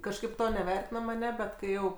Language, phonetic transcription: Lithuanian, kažˈkaip ˈto neˈvertinam aˈneˈbet ˈkai ˈjau

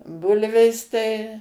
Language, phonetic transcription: Lithuanian, ˈbulvės tai

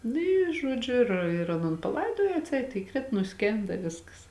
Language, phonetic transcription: Lithuanian, ˈnu ˈy ˈžuodžiu ir ir ˈaˌnon paˈlaidojo atˈseit įˈkrit nuˈskėnda i ˈviskas

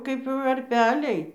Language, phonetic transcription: Lithuanian, ˈkaip varˈpeliai

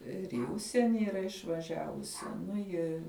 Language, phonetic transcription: Lithuanian, ir į ˈužsieni yˈra išvaˈžiavusi ˈnu ˈji

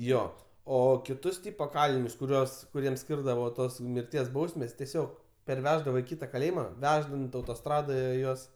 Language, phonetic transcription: Lithuanian, ˈjo ˈo kiˈtus ˈtipo ˈkalinius kuˈriuos kuˈriem ˈskyrdavo ˈtos mirˈties ˈbausmes teˈsiog perˈveždavo i ˈkyta kaˈlėjima ˈveždant autoˈstradoje ˈjuos

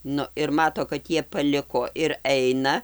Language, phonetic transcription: Lithuanian, ˈnu ir ˈmato kad ˈjie paˈliko ir ˈeina

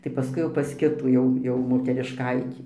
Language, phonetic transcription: Lithuanian, tai paˈskui jau pas ˈkitų ˈjau ˈjau moterišˈkaitį

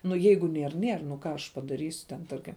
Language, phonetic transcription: Lithuanian, ˈnu ˈjeigu ˈnier ˈnier nu ˈką aš padaˈrysiu ten ˈtarkim

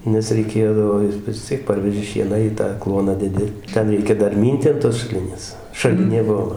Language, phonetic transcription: Lithuanian, nes reiˈkėdavo ˈjis vis ˈciek ˈparveži ˈšieną į ˈtą ˈkluoną deˈdi ˈten ˈreikia ˈdar ˈmynti an tos šaˈlinės šaˈlinė ˈbuo

